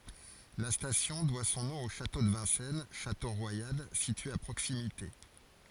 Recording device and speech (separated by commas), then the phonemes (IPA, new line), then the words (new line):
forehead accelerometer, read sentence
la stasjɔ̃ dwa sɔ̃ nɔ̃ o ʃato də vɛ̃sɛn ʃato ʁwajal sitye a pʁoksimite
La station doit son nom au château de Vincennes, château royal, situé à proximité.